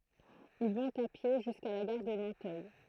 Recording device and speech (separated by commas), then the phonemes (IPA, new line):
throat microphone, read sentence
il vɔ̃t a pje ʒyska la ɡaʁ də nɑ̃tœj